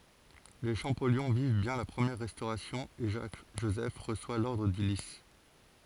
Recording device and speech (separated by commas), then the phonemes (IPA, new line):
forehead accelerometer, read sentence
le ʃɑ̃pɔljɔ̃ viv bjɛ̃ la pʁəmjɛʁ ʁɛstoʁasjɔ̃ e ʒak ʒozɛf ʁəswa lɔʁdʁ dy lis